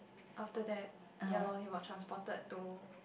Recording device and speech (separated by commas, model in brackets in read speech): boundary microphone, conversation in the same room